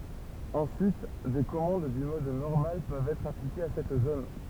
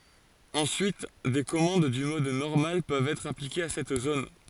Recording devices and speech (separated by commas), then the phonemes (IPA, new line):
temple vibration pickup, forehead accelerometer, read sentence
ɑ̃syit de kɔmɑ̃d dy mɔd nɔʁmal pøvt ɛtʁ aplikez a sɛt zon